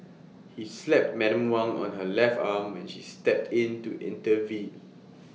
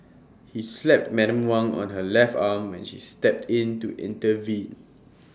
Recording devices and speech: mobile phone (iPhone 6), standing microphone (AKG C214), read sentence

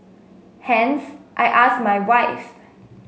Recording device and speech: mobile phone (Samsung S8), read sentence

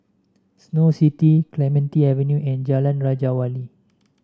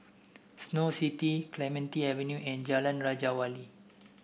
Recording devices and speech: standing microphone (AKG C214), boundary microphone (BM630), read sentence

